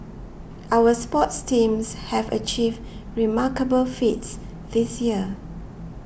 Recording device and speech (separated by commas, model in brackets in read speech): boundary microphone (BM630), read sentence